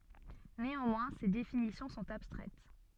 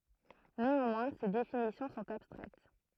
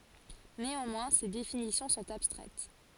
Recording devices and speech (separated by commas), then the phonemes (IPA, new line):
soft in-ear microphone, throat microphone, forehead accelerometer, read sentence
neɑ̃mwɛ̃ se definisjɔ̃ sɔ̃t abstʁɛt